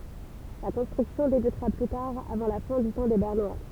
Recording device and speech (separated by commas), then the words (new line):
temple vibration pickup, read sentence
La construction débutera plus tard avant la fin du temps des Bernois.